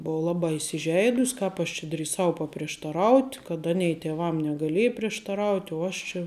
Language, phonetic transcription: Lithuanian, ˈbova ˈlabā isiˈžeidus' ˈkāp aš či drįˈsau paprieštaˈraut' kad ˈanei tėˈvam negaˈlėj prieštaˈraut' u ˈaš čia

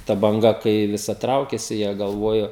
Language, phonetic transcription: Lithuanian, ta banˈga kai viˈsa ˈtraukėsi jie galˈvojo

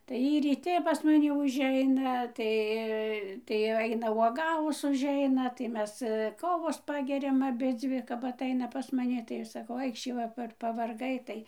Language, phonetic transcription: Lithuanian, tai ˈjy ryˈti pas maˈni užˈeina ˈtai tai jau ˈaina uoˈgavus užˈeina tai ˈmes ˈkovos ˈpageriam aˈbidzvi kap aˈtaina pas maˈni tai ˈaš saˈkau ˈaikšį va ˈpar pavarˈgai ˈtai

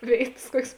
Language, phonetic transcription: Lithuanian, ˈvėitas ˈkuokės

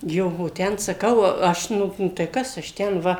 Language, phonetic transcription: Lithuanian, ˈjo o ˈten saˈkau ˈaš ˈnu tai ˈkas aš ˈten ˈva

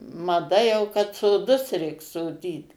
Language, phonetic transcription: Lithuanian, maˈda jau kad soˈdus ˈreik soˈdyt

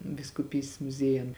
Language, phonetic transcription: Lithuanian, viskuˈpystės muˈziejun

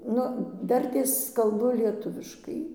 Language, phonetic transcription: Lithuanian, ˈnu ˈdartės kalˈbu lieˈtuviškai

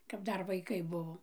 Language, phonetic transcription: Lithuanian, kap ˈdar vaiˈkai ˈbuvo

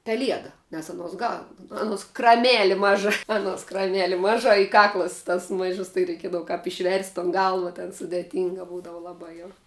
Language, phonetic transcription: Lithuanian, peˈlieda nes aˈnuos gal ˈanuos kraˈmeli ˈmaža aˈnuos kraˈmeli ˈmaža i ˈkaklas tas ˈmaižus tai reiˈkiedavu kap išˈverst' ton ˈgalva ten sudėˈtynga ˈbūdavu laˈba jau

